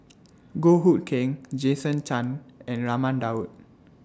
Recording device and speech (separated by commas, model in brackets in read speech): standing microphone (AKG C214), read sentence